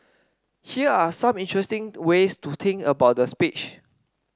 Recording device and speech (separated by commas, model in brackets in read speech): standing microphone (AKG C214), read sentence